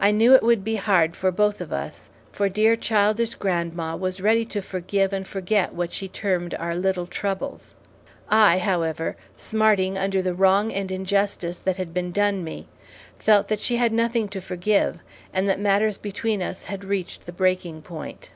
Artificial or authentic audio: authentic